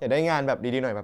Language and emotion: Thai, neutral